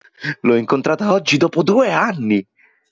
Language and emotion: Italian, happy